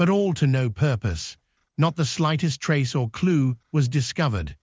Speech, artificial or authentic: artificial